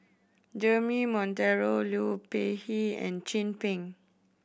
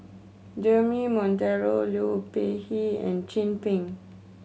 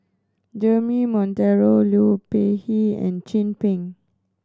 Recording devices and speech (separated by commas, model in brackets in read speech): boundary microphone (BM630), mobile phone (Samsung C7100), standing microphone (AKG C214), read sentence